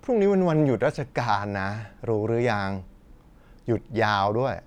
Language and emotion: Thai, frustrated